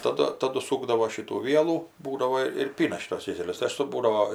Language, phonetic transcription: Lithuanian, taˈdu taˈdu ˈsūkdavo ˈšitų ˈvielų ˈbūdavo ir ˈpyna ˈšytuos ˈkėselius tai ˈaš su ˈbūdavo

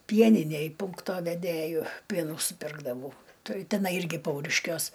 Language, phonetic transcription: Lithuanian, ˈpieninæj ˈpūnkto veˈdėju ˈpienų suˈpirkdavau ˈtai teˈnai ˈirgi ˈpauriškiuos

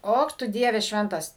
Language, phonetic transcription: Lithuanian, ˈok ˈtu ˈdieve ˈšventas

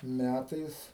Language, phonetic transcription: Lithuanian, ˈmætais

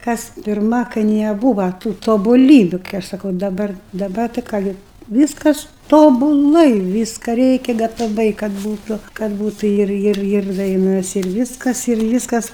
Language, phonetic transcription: Lithuanian, ˈkas pirˈma kai neˈbūva tų tobuˈlybiu kai ˈaš saˈkau daˈbar daˈbar tai ˈką gi ˈvyskas ˌtobuˈlai ˈvyską ˈreikia gataˈvai kad ˈbūtu kad ˈbūtu ˈir ˈir ˈir daiˈnas ir ˈvyskas ir ˈvyskas

